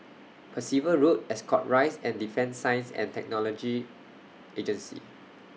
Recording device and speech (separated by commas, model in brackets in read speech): mobile phone (iPhone 6), read sentence